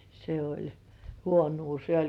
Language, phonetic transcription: Finnish, se oĺ , "huonuu se 'oĺ .
- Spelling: se oli huonoa se oli

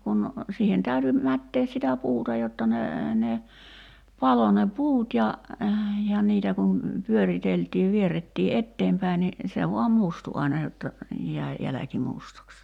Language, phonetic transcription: Finnish, kun , 'siihen täyty , 'mättees sitä "puuta jotta ne , ne , 'palo ne "puut ja , ja 'niitä kun , 'pyöriteltiiv 'vierettii "etteempäi ni , 'se voam "mustu aina jotta , jäi , 'jäläki 'mustaks .
- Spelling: kun siihen täytyi mättää sitä puuta jotta ne ne paloi ne puut ja ja niitä kun pyöriteltiin vierrettiin eteenpäin niin se vain mustui aina jotta jäi jälki mustaksi

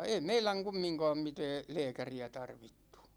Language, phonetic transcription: Finnish, 'ei "meiläŋ 'kummiŋkaam 'mitɛɛ , "lɛɛkäri₍ä 'tarvittU .
- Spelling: ei meidän kumminkaan mitään lääkäriä tarvittu

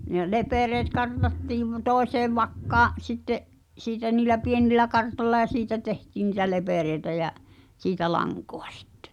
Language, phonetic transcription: Finnish, ne 'lepereet 'kartattiiv , "tòeseev 'vakkaa’ , 'sitte’ , siitä niilä "pienillä 'kartolla ʲa "siitä 'tehtiin̆ ni̳tä "lepèrèi̬tä jä’ , 'siitä "laŋkᴏᴀ sᴵttᴇ .
- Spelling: ne lepereet kartattiin toiseen vakkaan sitten siitä niillä pienillä kartoilla ja siitä tehtiin niitä lepereitä ja siitä lankaa sitten

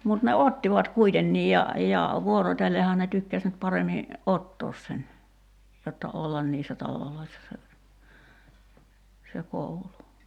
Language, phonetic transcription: Finnish, mut ne "ottivat 'kuitenniij ja , ja , 'vuorot́ellehaa ne 'tykkäs nyt 'paremi , "’ottoos sen , jotta "ollan niissä 'taloloissa se , se 'koulu .
- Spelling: mutta ne ottivat kuitenkin ja ja vuorotellenhan ne tykkäsi nyt paremmin ottaa sen jotta olla niissä taloissa se se koulu

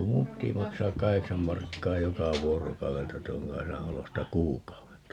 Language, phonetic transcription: Finnish, ku 'mum ‿ppiti 'maksaak "kaheksam 'markkaa 'joka "vuorokau₍elta 'tuoŋ 'Kaisa 'olosta "kuuk̀au₍elta .
- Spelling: kun minun piti maksaa kahdeksan markkaa joka vuorokaudelta tuon Kaisan olosta kuukaudelta

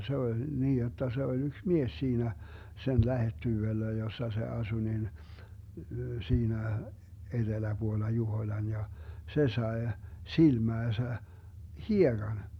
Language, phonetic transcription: Finnish, 'se oĺ , 'niij jotta se oĺ 'yks "mies 'siinä , 'sen 'lähettyvellä jossa se 'asu nin , 'siinä , 'eDeläBuolla "Juhoⁱlan ja , 'se 'sae , 'silmääsä , "hieGan .
- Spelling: se oli niin jotta se oli yksi mies siinä sen lähettyvillä jossa se asui niin siinä eteläpuolella Juhoilan ja se sai silmäänsä hiekan

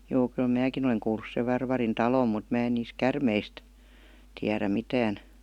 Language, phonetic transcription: Finnish, joo kyl "määkin ‿oleŋ kuulus sev 'Varvarin "talòm mut 'mä en niis "kärmeist , 'tiärä 'mitään .
- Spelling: joo kyllä minäkin olen kuullut sen Varvarin talon mutta minä en niistä käärmeistä tiedä mitään

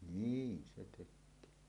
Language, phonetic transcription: Finnish, niin se tek̆köö .
- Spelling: niin se tekee

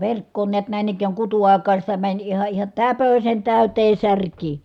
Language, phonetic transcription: Finnish, verkkoon niät nä̀in ‿ik̀ääŋ kutu₍ài̮kaan̬ sitä mäń iha iha , täpösen tä̀ytee sär̀kii .
- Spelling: verkkoon näet näin ikään kutuaikaan sitä meni ihan ihan täpösen täyteen särkiä

